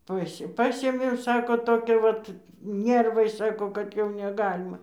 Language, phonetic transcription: Lithuanian, ˈpas' ˈpasėmėm ˈsako toˈkią ˈvat ˈnervai ˈsako kad ˈjau neˈgalima

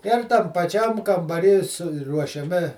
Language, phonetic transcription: Lithuanian, ir tam paˈčiam kambaˈry suruošiaˈmi

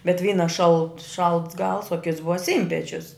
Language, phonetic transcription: Lithuanian, bet ˈvyna šalt šalts gals o kits ˈbuva ˈsynpečius

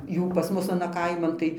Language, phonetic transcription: Lithuanian, ˈjų pas ˈmus aˈna ˈkaiman tai

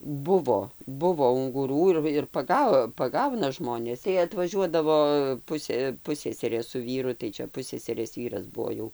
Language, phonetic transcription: Lithuanian, ˈbuvo ˈbuvo unguˈrų ir ir paˈga paˈgauna ˈžmonės tai atvaˈžiuodavo ˈpusė ˈpusseserė su ˈvyru tai ˈčia ˈpusseserės ˈvyras ˈbuo jau

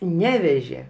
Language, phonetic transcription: Lithuanian, ˈnevežė

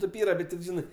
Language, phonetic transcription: Lithuanian, ˈtėp ˈyra ˈbet tip ˈžinɜ

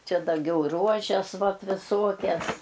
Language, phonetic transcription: Lithuanian, ˈčia daˈgiau ˈruožes ˈvat viˈsuokias

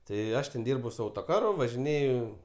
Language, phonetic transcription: Lithuanian, tai ˈaš ten ˈdyrbu su ˈautoˌkaru važiˈnėju

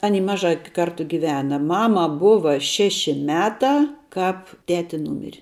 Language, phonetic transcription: Lithuanian, ˈaˌny ˈmažā ˈkartu ˈgivena ˈmama ˈbuva ˈšeši ˈmetā ˈkāp ˈteti ˈnūmiri

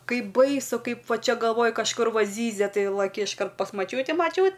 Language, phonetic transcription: Lithuanian, ˈkaip ˈbaisu ˈkaip ˈva ˈčia galˈvoj kažˈkur ˈva ˈzyzia ˈtai laˈki išˈkart pas maˈčiūti maˈčiūt

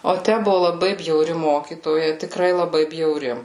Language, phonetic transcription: Lithuanian, o ˈtæ ˈbuvu laˈbai bjauˈri ˈmokytoja tiˈkrai laˈbai bjauˈri

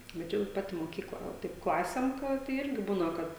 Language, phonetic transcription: Lithuanian, bet ˈčia jau ˈpati moˈkykla ˈva ˈtaip ˈklasėm ˈkad tai ˈirgi ˈbūna ˈkad

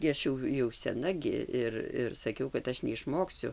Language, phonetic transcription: Lithuanian, gi ˈaš jau jau seˈna gi ˈir ir saˈkiau kad ˈaš neišˈmoksiu

